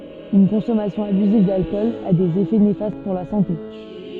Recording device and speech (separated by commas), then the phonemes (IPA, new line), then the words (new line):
soft in-ear microphone, read sentence
yn kɔ̃sɔmasjɔ̃ abyziv dalkɔl a dez efɛ nefast puʁ la sɑ̃te
Une consommation abusive d'alcool a des effets néfastes pour la santé.